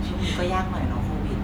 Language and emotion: Thai, frustrated